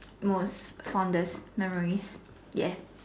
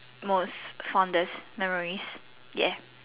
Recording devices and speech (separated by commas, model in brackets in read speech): standing microphone, telephone, conversation in separate rooms